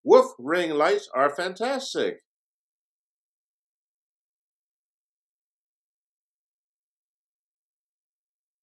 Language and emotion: English, surprised